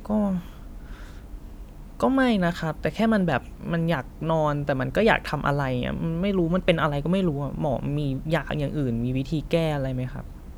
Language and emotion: Thai, frustrated